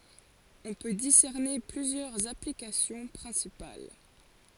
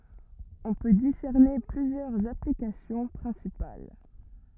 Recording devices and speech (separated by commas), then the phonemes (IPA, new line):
forehead accelerometer, rigid in-ear microphone, read sentence
ɔ̃ pø disɛʁne plyzjœʁz aplikasjɔ̃ pʁɛ̃sipal